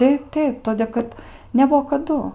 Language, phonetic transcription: Lithuanian, ˈteip ˈteip ˈtodė kad neˈbuo kaˈdu

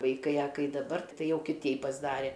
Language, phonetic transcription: Lithuanian, vaiˈkai a ˈkai daˈbar ˈtai ˈjau kiˈtei pasˈdare

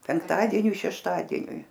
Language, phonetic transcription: Lithuanian, penkˈtadieniui šešˈtadieniui

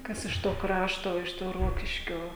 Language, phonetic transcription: Lithuanian, ˈkas iš to ˈkrašto iš ˈto ˈrokiškio

